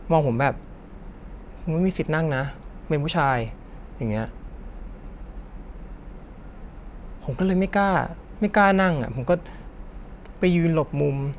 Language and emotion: Thai, frustrated